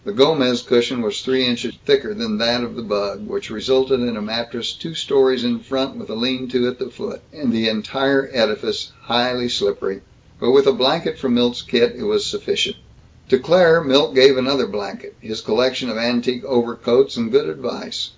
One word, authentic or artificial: authentic